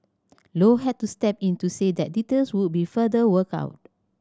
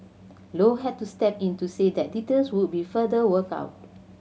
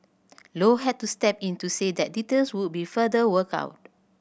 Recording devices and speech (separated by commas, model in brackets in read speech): standing microphone (AKG C214), mobile phone (Samsung C7100), boundary microphone (BM630), read sentence